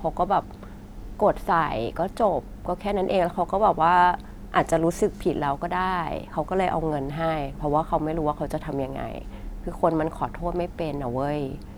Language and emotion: Thai, frustrated